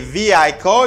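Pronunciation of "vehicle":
'vehicle' is pronounced incorrectly here, with the h sounded; in the correct pronunciation, the h is silent.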